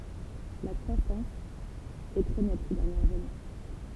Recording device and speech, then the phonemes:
temple vibration pickup, read sentence
la kʁwasɑ̃s ɛ tʁɛ nɛt se dɛʁnjɛʁz ane

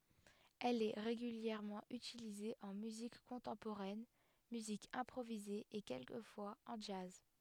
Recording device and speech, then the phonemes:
headset microphone, read sentence
ɛl ɛ ʁeɡyljɛʁmɑ̃ ytilize ɑ̃ myzik kɔ̃tɑ̃poʁɛn myzik ɛ̃pʁovize e kɛlkəfwaz ɑ̃ dʒaz

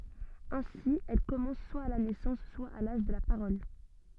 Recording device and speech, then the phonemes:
soft in-ear microphone, read sentence
ɛ̃si ɛl kɔmɑ̃s swa a la nɛsɑ̃s swa a laʒ də la paʁɔl

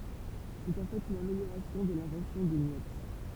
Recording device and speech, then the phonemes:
temple vibration pickup, read sentence
sɛt ɑ̃ fɛt yn ameljoʁasjɔ̃ də lɛ̃vɑ̃sjɔ̃ də njɛps

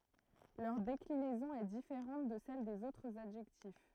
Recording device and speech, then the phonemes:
throat microphone, read sentence
lœʁ deklinɛzɔ̃ ɛ difeʁɑ̃t də sɛl dez otʁz adʒɛktif

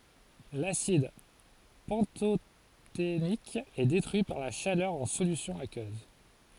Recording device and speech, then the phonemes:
forehead accelerometer, read sentence
lasid pɑ̃totenik ɛ detʁyi paʁ la ʃalœʁ ɑ̃ solysjɔ̃ akøz

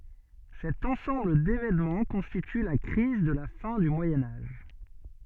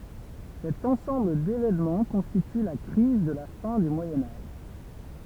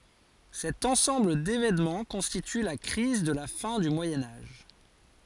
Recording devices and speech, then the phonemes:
soft in-ear microphone, temple vibration pickup, forehead accelerometer, read sentence
sɛt ɑ̃sɑ̃bl devenmɑ̃ kɔ̃stity la kʁiz də la fɛ̃ dy mwajɛ̃ aʒ

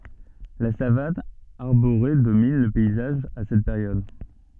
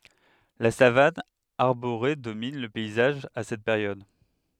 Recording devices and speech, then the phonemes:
soft in-ear microphone, headset microphone, read sentence
la savan aʁboʁe domin lə pɛizaʒ a sɛt peʁjɔd

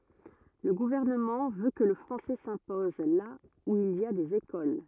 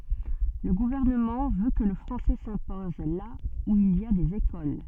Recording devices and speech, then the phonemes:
rigid in-ear microphone, soft in-ear microphone, read sentence
lə ɡuvɛʁnəmɑ̃ vø kə lə fʁɑ̃sɛ sɛ̃pɔz la u il i a dez ekol

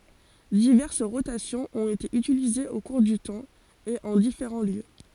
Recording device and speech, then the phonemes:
forehead accelerometer, read sentence
divɛʁs ʁotasjɔ̃z ɔ̃t ete ytilizez o kuʁ dy tɑ̃ e ɑ̃ difeʁɑ̃ ljø

